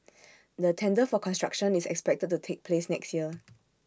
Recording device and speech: standing microphone (AKG C214), read sentence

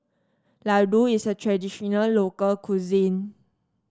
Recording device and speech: standing microphone (AKG C214), read sentence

